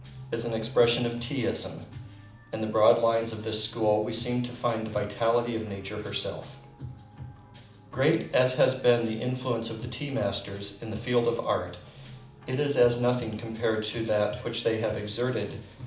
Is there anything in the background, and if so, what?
Music.